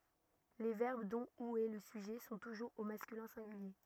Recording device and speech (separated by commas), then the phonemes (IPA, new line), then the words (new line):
rigid in-ear microphone, read sentence
le vɛʁb dɔ̃ u ɛ lə syʒɛ sɔ̃ tuʒuʁz o maskylɛ̃ sɛ̃ɡylje
Les verbes dont ou est le sujet sont toujours au masculin singulier.